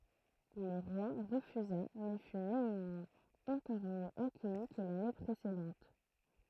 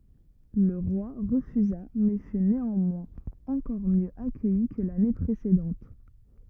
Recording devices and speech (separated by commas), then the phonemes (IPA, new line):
throat microphone, rigid in-ear microphone, read sentence
lə ʁwa ʁəfyza mɛ fy neɑ̃mwɛ̃z ɑ̃kɔʁ mjø akœji kə lane pʁesedɑ̃t